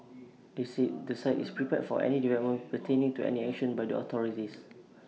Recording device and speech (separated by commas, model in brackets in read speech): mobile phone (iPhone 6), read sentence